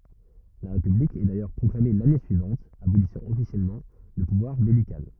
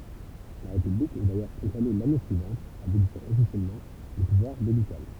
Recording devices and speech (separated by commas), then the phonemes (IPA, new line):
rigid in-ear microphone, temple vibration pickup, read sentence
la ʁepyblik ɛ dajœʁ pʁɔklame lane syivɑ̃t abolisɑ̃ ɔfisjɛlmɑ̃ lə puvwaʁ bɛlikal